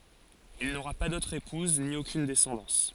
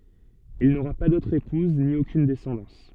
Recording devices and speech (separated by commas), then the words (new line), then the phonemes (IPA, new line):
forehead accelerometer, soft in-ear microphone, read sentence
Il n'aura pas d'autre épouse, ni aucune descendance.
il noʁa pa dotʁ epuz ni okyn dɛsɑ̃dɑ̃s